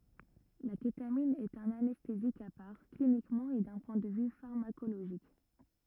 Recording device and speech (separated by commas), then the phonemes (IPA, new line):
rigid in-ear microphone, read sentence
la ketamin ɛt œ̃n anɛstezik a paʁ klinikmɑ̃ e dœ̃ pwɛ̃ də vy faʁmakoloʒik